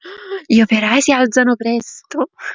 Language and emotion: Italian, surprised